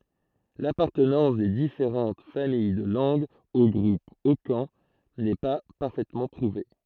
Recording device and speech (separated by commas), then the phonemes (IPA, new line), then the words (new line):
throat microphone, read sentence
lapaʁtənɑ̃s de difeʁɑ̃t famij də lɑ̃ɡz o ɡʁup okɑ̃ nɛ pa paʁfɛtmɑ̃ pʁuve
L'appartenance des différentes familles de langues au groupe hokan n'est pas parfaitement prouvée.